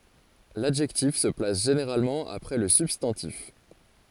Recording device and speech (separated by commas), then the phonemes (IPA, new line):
forehead accelerometer, read sentence
ladʒɛktif sə plas ʒeneʁalmɑ̃ apʁɛ lə sybstɑ̃tif